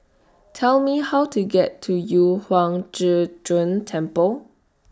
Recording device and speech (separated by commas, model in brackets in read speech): standing microphone (AKG C214), read sentence